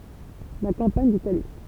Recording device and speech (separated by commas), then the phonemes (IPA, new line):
temple vibration pickup, read sentence
la kɑ̃paɲ ditali